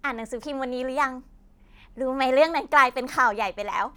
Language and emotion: Thai, happy